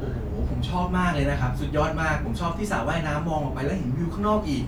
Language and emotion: Thai, happy